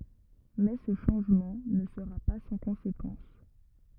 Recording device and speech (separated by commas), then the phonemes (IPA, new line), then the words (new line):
rigid in-ear microphone, read sentence
mɛ sə ʃɑ̃ʒmɑ̃ nə səʁa pa sɑ̃ kɔ̃sekɑ̃s
Mais ce changement ne sera pas sans conséquence.